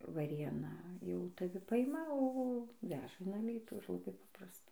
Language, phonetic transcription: Lithuanian, vaˈrėna jau taˈvi ˈpaima o ˈveža in aˈlytų ir laˈbai ˈpaprasta

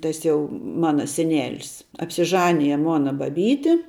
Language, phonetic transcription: Lithuanian, ˈtas jau ˈmana seˈnelis apsiˈžanije ˈmona baˈbyti

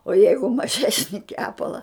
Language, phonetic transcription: Lithuanian, o ˈjeigu maˈžesni ˈkepala

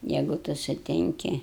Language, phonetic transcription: Lithuanian, ˈjeigu ˈtu suˈtinki

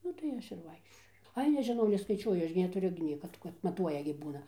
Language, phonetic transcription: Lithuanian, ˈnu tai ˈaš ir ˈvaikščioju ˈai nežiˈnau neskaiˈčiuoju ˈaš gi netuˈriu gi ˈnieka kad maˈtuoja gi ˈbūna

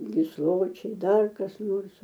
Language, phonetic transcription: Lithuanian, gisˈločiai ˈdar kas ˈnors

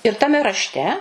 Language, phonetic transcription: Lithuanian, ir taˈme rašˈte

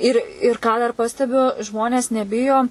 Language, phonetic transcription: Lithuanian, ir ir ˈką dar ˈpastebiu ˈžmonės neˈbijo

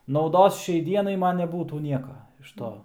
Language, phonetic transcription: Lithuanian, nauˈdos ˈšiai ˈdienai ˈman neˈbūtų ˈnieka iš ˈto

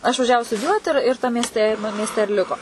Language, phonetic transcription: Lithuanian, išvaˈžiavu studiˈjuoti ir ir tam miesˈte i miesˈte ir ˈliko

